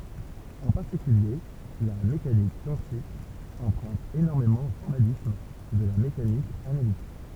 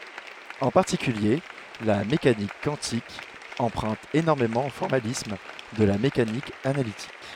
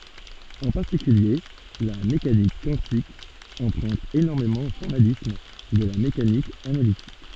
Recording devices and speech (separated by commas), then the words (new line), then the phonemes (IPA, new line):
temple vibration pickup, headset microphone, soft in-ear microphone, read sentence
En particulier, la mécanique quantique emprunte énormément au formalisme de la mécanique analytique.
ɑ̃ paʁtikylje la mekanik kwɑ̃tik ɑ̃pʁœ̃t enɔʁmemɑ̃ o fɔʁmalism də la mekanik analitik